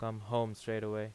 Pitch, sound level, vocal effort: 110 Hz, 86 dB SPL, normal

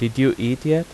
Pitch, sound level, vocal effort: 130 Hz, 86 dB SPL, normal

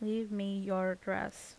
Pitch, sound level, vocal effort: 195 Hz, 81 dB SPL, normal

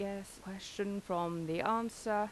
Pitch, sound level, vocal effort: 200 Hz, 84 dB SPL, normal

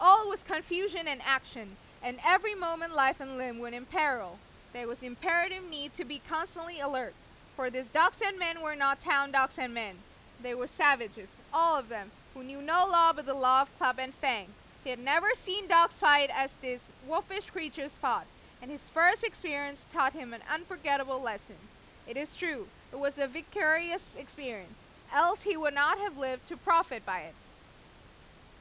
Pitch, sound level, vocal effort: 280 Hz, 99 dB SPL, very loud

